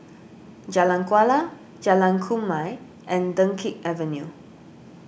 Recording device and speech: boundary microphone (BM630), read sentence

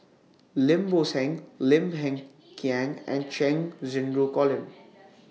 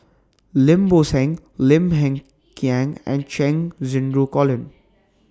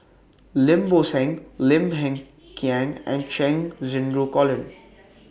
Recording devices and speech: mobile phone (iPhone 6), standing microphone (AKG C214), boundary microphone (BM630), read sentence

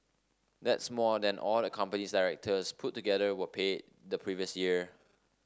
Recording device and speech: standing microphone (AKG C214), read sentence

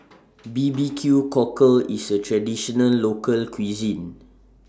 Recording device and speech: standing microphone (AKG C214), read sentence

